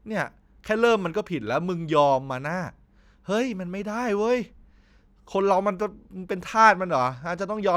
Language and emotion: Thai, frustrated